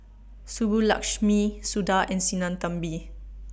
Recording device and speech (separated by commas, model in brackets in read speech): boundary microphone (BM630), read sentence